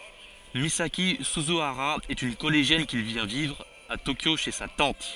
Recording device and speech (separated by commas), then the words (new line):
forehead accelerometer, read sentence
Misaki Suzuhara est une collégienne qui vient vivre à Tokyo chez sa tante.